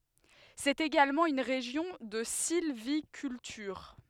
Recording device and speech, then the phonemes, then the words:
headset microphone, read sentence
sɛt eɡalmɑ̃ yn ʁeʒjɔ̃ də silvikyltyʁ
C'est également une région de sylviculture.

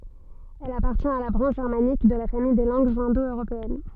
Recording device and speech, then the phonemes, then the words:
soft in-ear microphone, read sentence
ɛl apaʁtjɛ̃t a la bʁɑ̃ʃ ʒɛʁmanik də la famij de lɑ̃ɡz ɛ̃do øʁopeɛn
Elle appartient à la branche germanique de la famille des langues indo-européennes.

